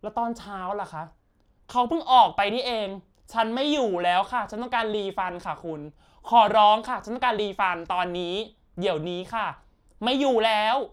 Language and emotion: Thai, angry